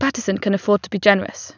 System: none